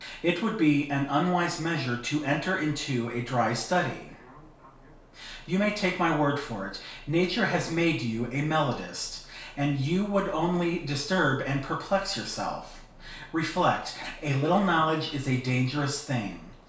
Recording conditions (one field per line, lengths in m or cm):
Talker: one person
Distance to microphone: 1.0 m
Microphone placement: close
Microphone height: 1.1 m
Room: small (3.7 m by 2.7 m)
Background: television